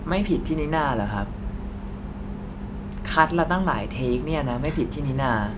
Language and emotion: Thai, frustrated